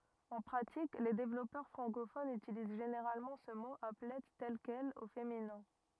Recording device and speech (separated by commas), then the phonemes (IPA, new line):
rigid in-ear microphone, read sentence
ɑ̃ pʁatik le devlɔpœʁ fʁɑ̃kofonz ytiliz ʒeneʁalmɑ̃ sə mo aplɛ tɛl kɛl o feminɛ̃